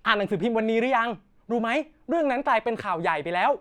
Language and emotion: Thai, happy